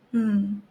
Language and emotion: Thai, frustrated